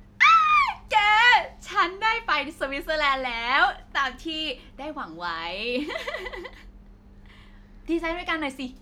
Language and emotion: Thai, happy